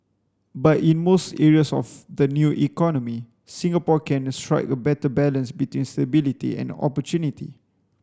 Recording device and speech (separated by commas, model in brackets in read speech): standing microphone (AKG C214), read sentence